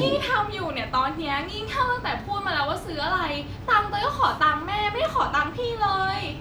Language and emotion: Thai, frustrated